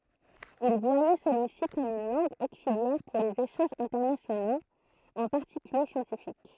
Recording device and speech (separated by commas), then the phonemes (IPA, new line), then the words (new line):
throat microphone, read sentence
il vwajɛ səlyi si kɔm yn lɑ̃ɡ oksiljɛʁ puʁ lez eʃɑ̃ʒz ɛ̃tɛʁnasjonoz ɑ̃ paʁtikylje sjɑ̃tifik
Il voyait celui-ci comme une langue auxiliaire pour les échanges internationaux, en particulier scientifiques.